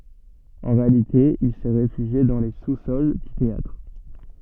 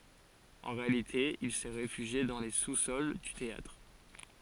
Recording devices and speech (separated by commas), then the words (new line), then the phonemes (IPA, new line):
soft in-ear microphone, forehead accelerometer, read sentence
En réalité, il s'est réfugié dans les sous-sols du théâtre.
ɑ̃ ʁealite il sɛ ʁefyʒje dɑ̃ le susɔl dy teatʁ